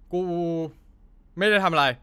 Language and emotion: Thai, frustrated